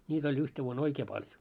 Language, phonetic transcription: Finnish, ńiit ‿oĺ 'yhte 'vuo"n ‿oikee paljo .
- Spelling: niitä oli yhtenä vuonna oikein paljon

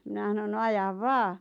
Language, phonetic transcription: Finnish, mⁱnä ʰᵃnon » no 'ajav "vaa « .
- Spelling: minä sanoin no aja vain

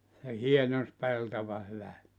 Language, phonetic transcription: Finnish, se "hienons 'peltova 'hyvä[sti] .
- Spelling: se hienonsi peltoa hyvästi

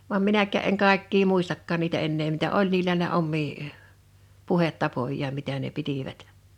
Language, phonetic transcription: Finnish, vam 'minäkkä̀ 'eŋ ’kàekkii "muistakkaan niitä ennee mitä "ol niilä ne "ommii , "puhettapoj̀aam mitä̀ ne 'pitivät .
- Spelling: vaan minäkään en kaikkia muistakaan niitä enää mitä oli niillä ne omia puhetapojaan mitä ne pitivät

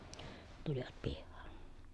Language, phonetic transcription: Finnish, tULIVAt pIhhAAN .
- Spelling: tulivat pihaan

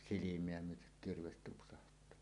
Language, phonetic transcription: Finnish, silim̀eä 'myötek "kirves 'tupsaht̀aa .
- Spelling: silmää myöten kirves tupsahtaa

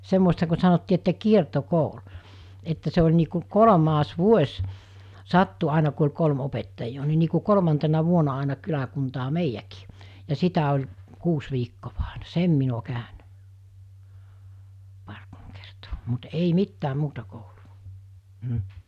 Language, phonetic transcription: Finnish, 'semmo(i)sta ku sanottii että 'kierto'koul , että se oĺ nii ku 'kolᵒmas 'vuoś , 'sattu àina ku oĺ 'kolm 'opettaijjoo ni nii ku 'kolᵒmantena 'vuona àena 'kyläkuntaa "meijjäkɪɪ , ja 'sitä oĺ , 'kuus viikkovᴀ ᴀ̀ᴇɴᴀ "sem min ‿o 'kä̀önᴀ̈ , ('par kolm kertoo,) mut 'ei "mittääm̆ 'muuta 'kouluvᴀ , m̥ .
- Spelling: semmoista kuin sanottiin että kiertokoulu että se oli niin kuin kolmas vuosi sattui aina kun oli kolme opettajaa niin niin kuin kolmantena vuonna aina kyläkuntaan meidänkin ja sitä oli kuusi viikkoa aina sen minä olen käynyt pari kolme kertaa mutta ei mitään muuta koulua mm

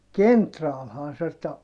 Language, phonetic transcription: Finnish, kentraalhaa se ta- , .
- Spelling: kenraalihan se -

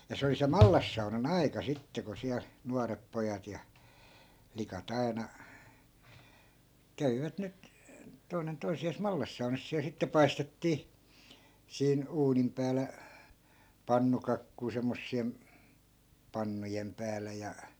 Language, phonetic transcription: Finnish, ja 'se oli se "mallassauna'n ‿ai̮ka 'sitte ku 'siäl , 'nuarep pojat ja , 'flika't ‿aina , 'kävivät 'nyt , 'toi̮nen toisi₍aas 'mallassaunas siäl sitte "paistettii , 'siin , 'uunim päälä , "pannukakkui semmossi₍em , 'pannujem päälä ja .
- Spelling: ja se oli se mallassaunan aika sitten kun siellä nuoret pojat ja flikat aina kävivät nyt toinen toisiaan mallassaunassa siellä sitten paistettiin siinä uunin päällä pannukakkuja semmoisien pannujen päällä ja

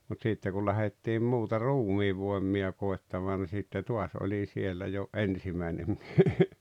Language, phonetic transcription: Finnish, mut 'sìtte kul 'lähettiim muuta "ruumiivvoemmia 'koettamaan ni sitte 'tuas oĺi 'siellä jo "’ensimäinem mie[s] .
- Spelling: mutta sitten kun lähdettiin muuta ruumiinvoimia koettamaan niin sitten taas olin siellä jo ensimmäinen mies

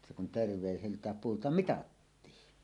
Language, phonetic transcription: Finnish, se kun ("terv̀èiselt̀ääp) 'puulta "mitattii .
- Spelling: se kun terveiseltään puulta mitattiin

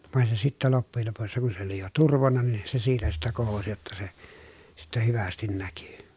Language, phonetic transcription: Finnish, vàen se sittä loppujel lopussa kun se ‿oli jo turvonna nin , se siitä sittä kohosi jotta se , sittä hyvästin näky .
- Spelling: vaan se sitten loppujen lopussa kun se oli jo turvonnut niin se siitä sitten kohosi jotta se sitten hyvästi näkyi

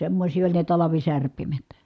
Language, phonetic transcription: Finnish, semmośii oĺ ne talavisärpimet .
- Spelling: semmoisia oli ne talvisärpimet

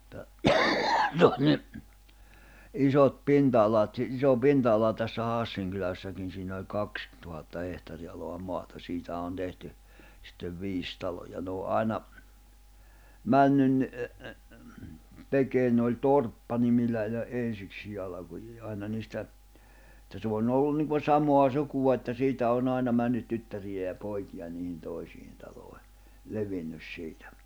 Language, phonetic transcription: Finnish, [et]tä , se on 'ni , 'isot 'pinta₍alat si- , iso 'pinta₍ala tässä 'Hàssiŋ kyläsläkin siinä oĺ 'kaks , tuhatta 'hehtari’aloa 'moata siitähä on 'tehty , sittev 'viis taloja n ‿oo '’aina , 'männyn , 'tekeen ne oĺ 'torppanimillä iha’ '’en̬siksii alakujii '’aina niistä , [et]tä se on'ⁿ ‿ollun niŋkun̬ 'samoa 'sukua että 'siitä on'ⁿ ‿àina 'männyt 'tyttäriʲä ja 'poikiʲa niihin 'tòisiin talòi̬ , 'levinnys 'siitᴀ̈ .
- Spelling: että se on niin isot pinta-alat - iso pinta-ala tässä Hassin kylässäkin siinä oli kaksi tuhatta hehtaarinalaa maata siitähän on tehty sitten viisi taloa ne on aina mennyt tekemään ne oli torppanimillä ihan ensiksikin alkuaan aina niistä että se on ollut niin kuin samaa sukua että siitä on aina mennyt tyttäriä ja poikia niihin toisiin taloihin levinnyt siitä

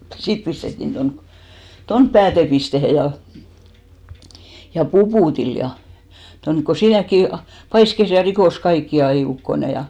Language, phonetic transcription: Finnish, 'sit pistettin 'ton , "tonp 'päätepistehe ja , ja "Pupùtil ja , tonk ko 'siinäkki , 'paiskes ja 'rikòs "kaikki 'ai ukkone ja .
- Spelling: sitten pistettiin tuonne tuonne päätepisteeseen ja ja Puputille ja tuonne kun siinäkin paiskasi ja rikkoi kaikki aina ukkonen ja

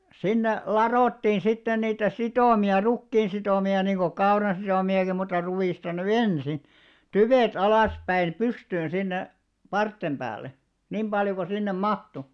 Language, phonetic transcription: Finnish, sinne "laròttiin sitten niitä "sitòmi₍a 'rukkiin sitòmi₍a niiŋɢo 'kauran̬ sitòmi₍aki mutta 'ruwìsta ny "ensin , "tyvèt 'alàspäin "pystyyn sinne , 'parttem ʙäälle , 'niim ʙaljo ko 'sinnem "mahtu .
- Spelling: sinne ladottiin sitten niitä sitomia rukiin sitomia niin kuin kauran sitomiakin mutta ruista nyt ensin tyvet alaspäin pystyyn sinne parsien päälle niin paljon kuin sinne mahtui

